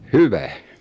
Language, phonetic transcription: Finnish, hyvä .
- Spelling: hyvä

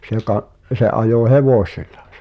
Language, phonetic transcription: Finnish, se ka’- , se '’ajò "hevòśiʟ̆ʟᴀ .
- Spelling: se - se ajoi hevosilla

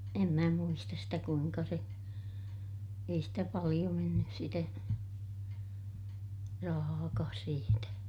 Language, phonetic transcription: Finnish, em mä muistas sitä kuiŋka se , ei stä paliʲo mennys sitä , rahaakaas siitä .
- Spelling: en minä muista sitä kuinka se ei sitä paljon mennyt sitä rahaakaan siitä

